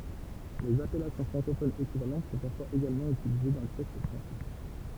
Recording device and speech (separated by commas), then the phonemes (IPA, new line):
temple vibration pickup, read sentence
lez apɛlasjɔ̃ fʁɑ̃kofonz ekivalɑ̃t sɔ̃ paʁfwaz eɡalmɑ̃ ytilize dɑ̃ le tɛkst fʁɑ̃sɛ